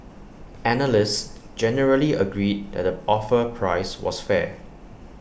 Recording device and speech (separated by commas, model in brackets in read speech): boundary microphone (BM630), read sentence